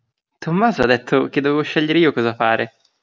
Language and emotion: Italian, happy